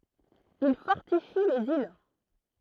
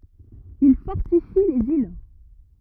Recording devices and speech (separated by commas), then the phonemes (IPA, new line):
throat microphone, rigid in-ear microphone, read sentence
il fɔʁtifi lez il